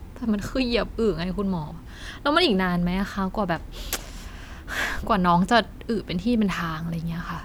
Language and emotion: Thai, frustrated